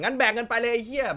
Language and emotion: Thai, angry